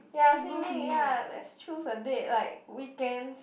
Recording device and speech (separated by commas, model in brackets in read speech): boundary microphone, conversation in the same room